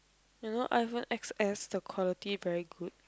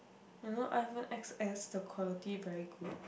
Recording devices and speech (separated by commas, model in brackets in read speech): close-talking microphone, boundary microphone, conversation in the same room